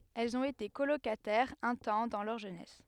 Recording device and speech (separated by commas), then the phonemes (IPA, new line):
headset microphone, read sentence
ɛlz ɔ̃t ete kolokatɛʁz œ̃ tɑ̃ dɑ̃ lœʁ ʒønɛs